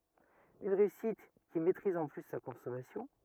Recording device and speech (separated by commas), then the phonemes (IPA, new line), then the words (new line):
rigid in-ear microphone, read sentence
yn ʁeysit ki mɛtʁiz ɑ̃ ply sa kɔ̃sɔmasjɔ̃
Une réussite, qui maîtrise en plus sa consommation.